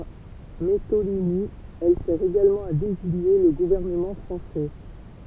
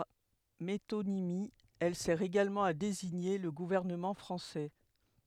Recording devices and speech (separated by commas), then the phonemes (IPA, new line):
temple vibration pickup, headset microphone, read sentence
paʁ metonimi ɛl sɛʁ eɡalmɑ̃ a deziɲe lə ɡuvɛʁnəmɑ̃ fʁɑ̃sɛ